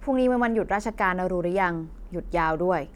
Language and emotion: Thai, neutral